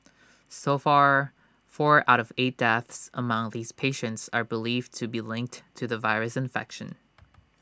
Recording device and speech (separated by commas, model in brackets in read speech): standing microphone (AKG C214), read sentence